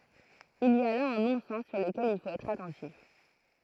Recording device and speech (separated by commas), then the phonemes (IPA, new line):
throat microphone, read sentence
il i a la œ̃ nɔ̃sɛn syʁ ləkɛl il fot ɛtʁ atɑ̃tif